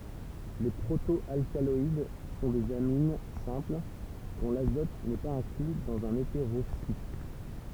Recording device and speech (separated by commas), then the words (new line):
temple vibration pickup, read sentence
Les proto-alcaloïdes sont des amines simples, dont l'azote n'est pas inclus dans un hétérocycle.